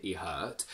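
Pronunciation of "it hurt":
In 'it hurt', the t at the end of 'it' is dropped completely. Said this way, it is incorrect.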